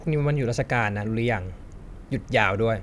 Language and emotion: Thai, neutral